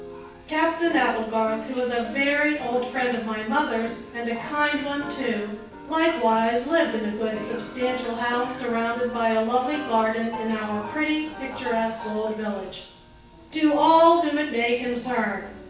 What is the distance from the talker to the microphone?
9.8 m.